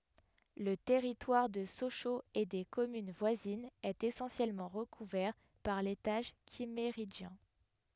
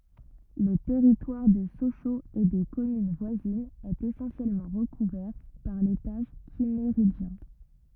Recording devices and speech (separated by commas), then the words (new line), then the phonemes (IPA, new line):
headset microphone, rigid in-ear microphone, read sentence
Le territoire de Sochaux et des communes voisines est essentiellement recouvert par l'étage Kimméridgien.
lə tɛʁitwaʁ də soʃoz e de kɔmyn vwazinz ɛt esɑ̃sjɛlmɑ̃ ʁəkuvɛʁ paʁ letaʒ kimmeʁidʒjɛ̃